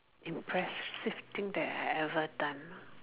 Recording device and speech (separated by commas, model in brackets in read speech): telephone, conversation in separate rooms